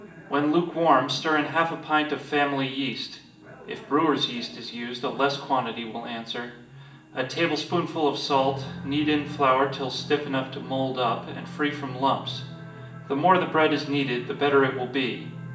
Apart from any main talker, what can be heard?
A television.